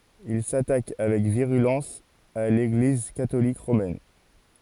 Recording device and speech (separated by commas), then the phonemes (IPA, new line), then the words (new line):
forehead accelerometer, read sentence
il satak avɛk viʁylɑ̃s a leɡliz katolik ʁomɛn
Il s'attaque avec virulence à l'Église catholique romaine.